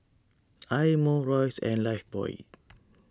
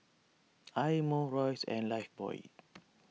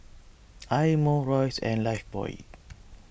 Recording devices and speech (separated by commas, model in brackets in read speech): standing microphone (AKG C214), mobile phone (iPhone 6), boundary microphone (BM630), read sentence